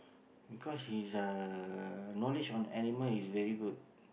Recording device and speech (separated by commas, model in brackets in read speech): boundary microphone, conversation in the same room